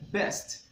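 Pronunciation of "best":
In 'best', the t at the end is a true T and is clearly heard.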